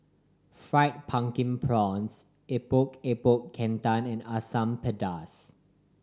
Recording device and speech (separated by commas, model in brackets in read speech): standing microphone (AKG C214), read sentence